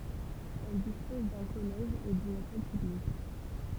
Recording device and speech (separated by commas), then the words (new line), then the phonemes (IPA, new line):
temple vibration pickup, read sentence
Elle dispose d'un collège et d'une école publique.
ɛl dispɔz dœ̃ kɔlɛʒ e dyn ekɔl pyblik